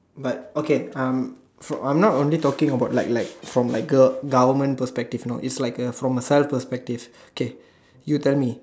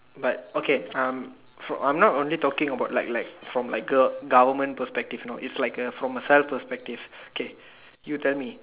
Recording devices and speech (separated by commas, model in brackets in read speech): standing microphone, telephone, conversation in separate rooms